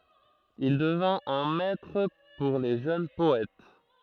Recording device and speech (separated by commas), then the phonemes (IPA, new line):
throat microphone, read sentence
il dəvɛ̃t œ̃ mɛtʁ puʁ le ʒøn pɔɛt